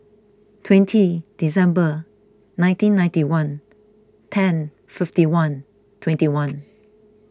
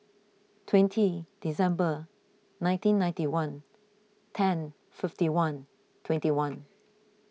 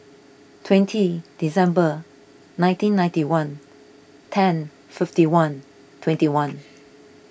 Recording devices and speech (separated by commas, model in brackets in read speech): close-talking microphone (WH20), mobile phone (iPhone 6), boundary microphone (BM630), read sentence